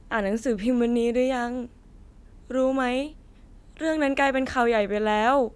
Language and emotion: Thai, frustrated